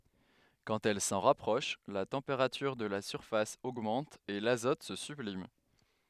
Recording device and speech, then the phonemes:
headset microphone, read sentence
kɑ̃t ɛl sɑ̃ ʁapʁɔʃ la tɑ̃peʁatyʁ də la syʁfas oɡmɑ̃t e lazɔt sə syblim

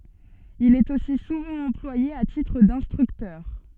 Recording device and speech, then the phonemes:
soft in-ear microphone, read sentence
il ɛt osi suvɑ̃ ɑ̃plwaje a titʁ dɛ̃stʁyktœʁ

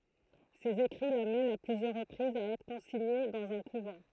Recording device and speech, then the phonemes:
throat microphone, read sentence
sez ekʁi lamɛnt a plyzjœʁ ʁəpʁizz a ɛtʁ kɔ̃siɲe dɑ̃z œ̃ kuvɑ̃

